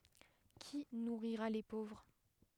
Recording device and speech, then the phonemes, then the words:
headset microphone, read sentence
ki nuʁiʁa le povʁ
Qui nourrira les pauvres?

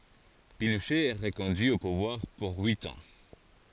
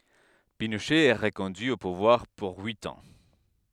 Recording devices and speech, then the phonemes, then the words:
forehead accelerometer, headset microphone, read sentence
pinoʃɛ ɛ ʁəkɔ̃dyi o puvwaʁ puʁ yit ɑ̃
Pinochet est reconduit au pouvoir pour huit ans.

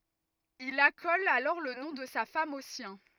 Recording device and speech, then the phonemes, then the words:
rigid in-ear microphone, read sentence
il akɔl alɔʁ lə nɔ̃ də sa fam o sjɛ̃
Il accole alors le nom de sa femme au sien.

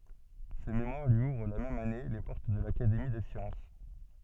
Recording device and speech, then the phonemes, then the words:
soft in-ear microphone, read sentence
sə memwaʁ lyi uvʁ la mɛm ane le pɔʁt də lakademi de sjɑ̃s
Ce mémoire lui ouvre la même année les portes de l'Académie des sciences.

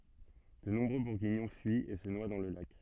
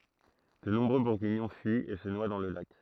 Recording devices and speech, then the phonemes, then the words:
soft in-ear microphone, throat microphone, read sentence
də nɔ̃bʁø buʁɡiɲɔ̃ fyit e sə nwa dɑ̃ lə lak
De nombreux Bourguignons fuient et se noient dans le lac.

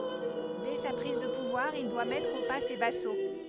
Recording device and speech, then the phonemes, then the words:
headset microphone, read sentence
dɛ sa pʁiz də puvwaʁ il dwa mɛtʁ o pa se vaso
Dès sa prise de pouvoir, il doit mettre au pas ses vassaux.

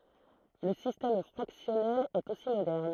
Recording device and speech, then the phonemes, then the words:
throat microphone, read sentence
lə sistɛm fʁaksjɔnɛl ɛt osi modɛʁn
Le système fractionnel est aussi moderne.

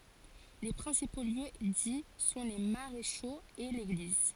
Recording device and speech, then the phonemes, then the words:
forehead accelerometer, read sentence
le pʁɛ̃sipo ljø di sɔ̃ le maʁeʃoz e leɡliz
Les principaux lieux-dits sont les Maréchaux et l'Église.

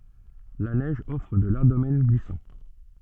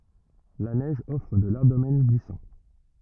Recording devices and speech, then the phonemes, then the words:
soft in-ear microphone, rigid in-ear microphone, read sentence
la nɛʒ ɔfʁ də laʁʒ domɛn ɡlisɑ̃
La neige offre de larges domaines glissants.

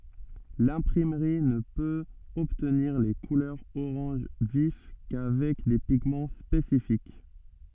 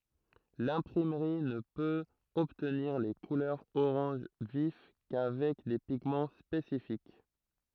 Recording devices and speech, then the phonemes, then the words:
soft in-ear microphone, throat microphone, read sentence
lɛ̃pʁimʁi nə pøt ɔbtniʁ le kulœʁz oʁɑ̃ʒ vif kavɛk de piɡmɑ̃ spesifik
L'imprimerie ne peut obtenir les couleurs orange vif qu'avec des pigments spécifiques.

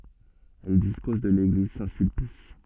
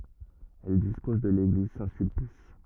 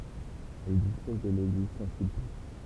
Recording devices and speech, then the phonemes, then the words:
soft in-ear microphone, rigid in-ear microphone, temple vibration pickup, read sentence
ɛl dispɔz də leɡliz sɛ̃tsylpis
Elle dispose de l'église Saint-Sulpice.

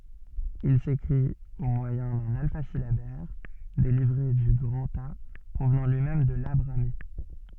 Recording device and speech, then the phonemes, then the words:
soft in-ear microphone, read sentence
il sekʁit o mwajɛ̃ dœ̃n alfazilabɛʁ deʁive dy ɡʁɑ̃ta pʁovnɑ̃ lyi mɛm də la bʁami
Il s'écrit au moyen d'un alphasyllabaire dérivé du grantha, provenant lui-même de la brahmi.

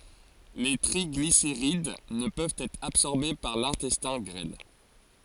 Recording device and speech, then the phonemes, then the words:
forehead accelerometer, read sentence
le tʁiɡliseʁid nə pøvt ɛtʁ absɔʁbe paʁ lɛ̃tɛstɛ̃ ɡʁɛl
Les triglycérides ne peuvent être absorbés par l'intestin grêle.

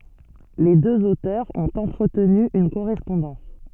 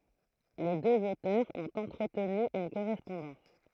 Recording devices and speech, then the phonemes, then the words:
soft in-ear microphone, throat microphone, read sentence
le døz otœʁz ɔ̃t ɑ̃tʁətny yn koʁɛspɔ̃dɑ̃s
Les deux auteurs ont entretenu une correspondance.

